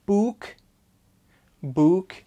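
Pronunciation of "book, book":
'Book' is pronounced incorrectly here: the vowel is said as an ooh sound.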